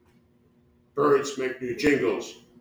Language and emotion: English, angry